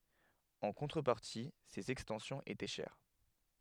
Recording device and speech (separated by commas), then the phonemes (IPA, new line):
headset microphone, read sentence
ɑ̃ kɔ̃tʁəpaʁti sez ɛkstɑ̃sjɔ̃z etɛ ʃɛʁ